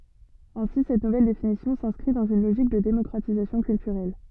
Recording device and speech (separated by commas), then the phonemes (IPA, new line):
soft in-ear microphone, read sentence
ɛ̃si sɛt nuvɛl definisjɔ̃ sɛ̃skʁi dɑ̃z yn loʒik də demɔkʁatizasjɔ̃ kyltyʁɛl